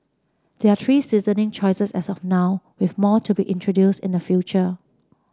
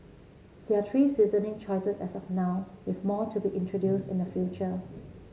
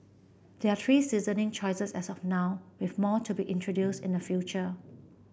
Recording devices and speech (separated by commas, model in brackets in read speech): standing microphone (AKG C214), mobile phone (Samsung C7), boundary microphone (BM630), read sentence